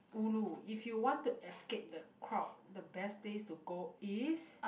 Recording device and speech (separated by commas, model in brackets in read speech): boundary microphone, conversation in the same room